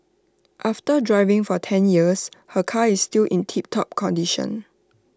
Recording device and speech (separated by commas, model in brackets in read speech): standing microphone (AKG C214), read sentence